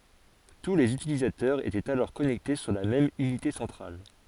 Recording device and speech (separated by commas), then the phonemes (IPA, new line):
forehead accelerometer, read sentence
tu lez ytilizatœʁz etɛt alɔʁ kɔnɛkte syʁ la mɛm ynite sɑ̃tʁal